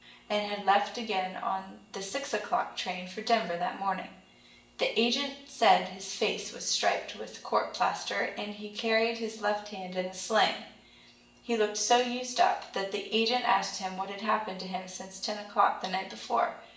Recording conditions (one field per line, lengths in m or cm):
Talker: one person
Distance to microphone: 1.8 m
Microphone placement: close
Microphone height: 1.0 m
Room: large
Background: none